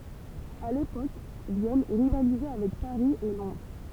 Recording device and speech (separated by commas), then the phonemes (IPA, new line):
temple vibration pickup, read sentence
a lepok vjɛn ʁivalizɛ avɛk paʁi e lɔ̃dʁ